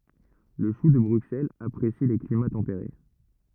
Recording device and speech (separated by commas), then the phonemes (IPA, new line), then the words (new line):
rigid in-ear microphone, read sentence
lə ʃu də bʁyksɛlz apʁesi le klima tɑ̃peʁe
Le chou de Bruxelles apprécie les climats tempérés.